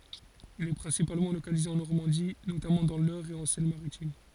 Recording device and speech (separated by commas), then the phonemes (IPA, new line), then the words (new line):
forehead accelerometer, read sentence
il ɛ pʁɛ̃sipalmɑ̃ lokalize ɑ̃ nɔʁmɑ̃di notamɑ̃ dɑ̃ lœʁ e ɑ̃ sɛn maʁitim
Il est principalement localisé en Normandie, notamment dans l'Eure et en Seine-Maritime.